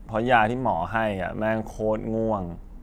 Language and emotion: Thai, frustrated